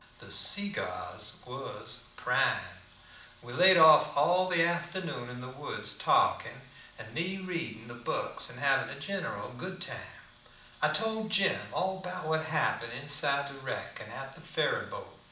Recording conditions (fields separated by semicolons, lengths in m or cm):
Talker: one person; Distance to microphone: 2.0 m; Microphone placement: close; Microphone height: 99 cm; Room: medium-sized (5.7 m by 4.0 m); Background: none